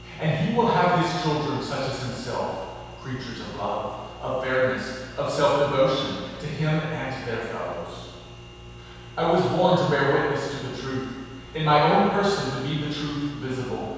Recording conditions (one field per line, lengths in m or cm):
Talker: one person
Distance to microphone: 7.1 m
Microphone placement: far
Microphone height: 1.7 m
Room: very reverberant, large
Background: none